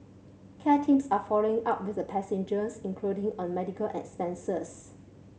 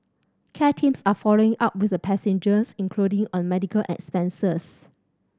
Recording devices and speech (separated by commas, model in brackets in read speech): mobile phone (Samsung C7100), standing microphone (AKG C214), read sentence